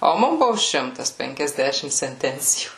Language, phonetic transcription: Lithuanian, o ˈmum ˈbuvo ˈšimtas penkiasˈdešim senˈtencijų

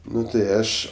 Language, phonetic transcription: Lithuanian, ˈnu tai ˈaš

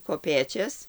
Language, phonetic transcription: Lithuanian, koˈpėčias

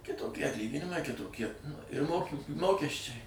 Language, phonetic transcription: Lithuanian, kitoˈkie atˈlyginimai kitoˈkie ir ˈmoki ˈmokesčiai

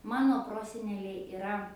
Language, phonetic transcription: Lithuanian, ˈmano ˈproseneliai iˈra

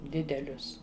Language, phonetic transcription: Lithuanian, ˈdidelius

